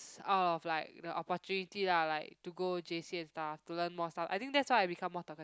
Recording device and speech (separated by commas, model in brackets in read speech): close-talking microphone, conversation in the same room